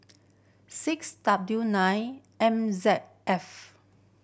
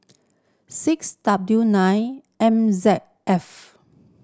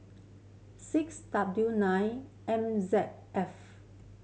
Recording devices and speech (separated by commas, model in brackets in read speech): boundary microphone (BM630), standing microphone (AKG C214), mobile phone (Samsung C7100), read sentence